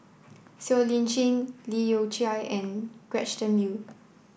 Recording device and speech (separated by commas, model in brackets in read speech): boundary microphone (BM630), read sentence